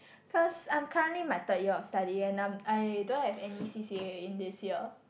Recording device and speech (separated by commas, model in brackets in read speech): boundary microphone, conversation in the same room